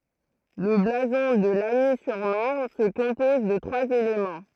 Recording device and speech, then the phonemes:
throat microphone, read sentence
lə blazɔ̃ də laɲi syʁ maʁn sə kɔ̃pɔz də tʁwaz elemɑ̃

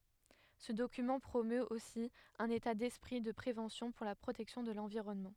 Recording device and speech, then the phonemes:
headset microphone, read sentence
sə dokymɑ̃ pʁomøt osi œ̃n eta dɛspʁi də pʁevɑ̃sjɔ̃ puʁ la pʁotɛksjɔ̃ də lɑ̃viʁɔnmɑ̃

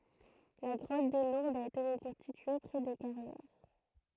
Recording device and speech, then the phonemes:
throat microphone, read sentence
la ɡʁɔt də luʁdz a ete ʁəkɔ̃stitye pʁɛ de kaʁjɛʁ

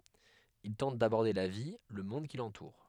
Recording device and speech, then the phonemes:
headset microphone, read sentence
il tɑ̃t dabɔʁde la vi lə mɔ̃d ki lɑ̃tuʁ

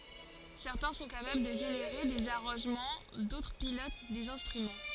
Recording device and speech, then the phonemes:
forehead accelerometer, read sentence
sɛʁtɛ̃ sɔ̃ kapabl də ʒeneʁe dez aʁɑ̃ʒmɑ̃ dotʁ pilot dez ɛ̃stʁymɑ̃

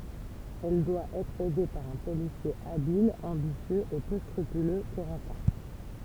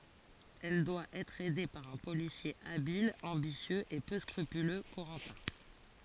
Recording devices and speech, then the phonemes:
temple vibration pickup, forehead accelerometer, read sentence
ɛl dwa ɛtʁ ɛde paʁ œ̃ polisje abil ɑ̃bisjøz e pø skʁypylø koʁɑ̃tɛ̃

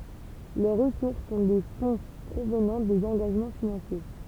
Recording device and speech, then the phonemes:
temple vibration pickup, read sentence
lœʁ ʁəsuʁs sɔ̃ de fɔ̃ pʁovnɑ̃ dez ɑ̃ɡaʒmɑ̃ finɑ̃sje

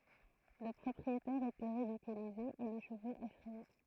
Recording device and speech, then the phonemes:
throat microphone, read sentence
lə pʁɔpʁietɛʁ etɛ ʁidikylize e le ʃəvoz efʁɛje

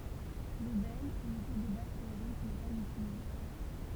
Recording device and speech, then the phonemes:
temple vibration pickup, read sentence
lə bɛl ynite də baz teoʁik nɛ paz ytilize

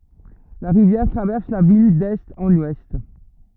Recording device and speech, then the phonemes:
rigid in-ear microphone, read sentence
la ʁivjɛʁ tʁavɛʁs la vil dɛst ɑ̃n wɛst

